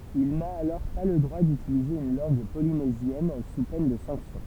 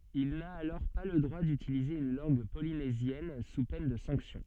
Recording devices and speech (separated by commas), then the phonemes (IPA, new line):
temple vibration pickup, soft in-ear microphone, read sentence
il na alɔʁ pa lə dʁwa dytilize yn lɑ̃ɡ polinezjɛn su pɛn də sɑ̃ksjɔ̃